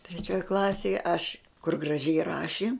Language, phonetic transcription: Lithuanian, treˈčioj ˈklasėj aš kur graˈžiai ˈraši

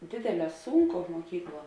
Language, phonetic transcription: Lithuanian, ˈdėdėˌlē ˈsūnˌko muoˈkykˌluo

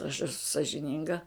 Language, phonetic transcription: Lithuanian, aš eˈsu sažiˈninga

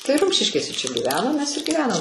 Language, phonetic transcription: Lithuanian, tai ˈrumšiškėse čia gyˈvenom mes ir gyˈvenam

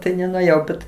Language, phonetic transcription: Lithuanian, ˈtai nenuėˈjau bet

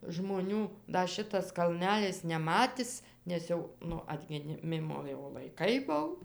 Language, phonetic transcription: Lithuanian, žmoˈnių ˈda ˈšitas kalˈnælis neˈmatis nes ˈjau ˈnu atgiˈmimo jau laiˈkai ˈbuv

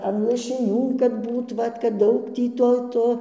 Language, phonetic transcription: Lithuanian, an lašiˈnių kad ˈbūt ˈvat kad ˈdaug ˈtį ˈto ˈto

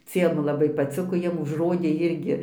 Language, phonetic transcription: Lithuanian, ˈciem laˈbai paˈciko ˈjiem užˈrodė ˈirgi

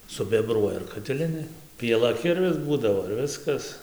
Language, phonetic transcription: Lithuanian, subeˈbruoja ir katiˈlinė pieˈla ˈkirvis ˈbūdavo ir ˈviskas

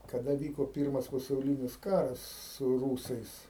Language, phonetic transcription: Lithuanian, kaˈda ˈvyko ˈpyrmas pasauˈlinis ˈkaras su ˈrūsais

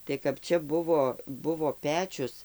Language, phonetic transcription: Lithuanian, tai kap ˈčia ˈbuvo ˈbuvo ˈpečius

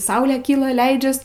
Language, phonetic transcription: Lithuanian, ˈsaulė ˈkyla ˈleidžias

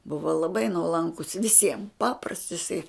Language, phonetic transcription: Lithuanian, ˈbuvo laˈbai nuoˈlankus viˈsiem ˈpaprasts iˈsai

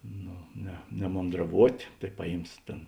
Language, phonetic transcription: Lithuanian, ˈno ne nemondraˈvuot' tai ˈpaˌjyms ˈtėn

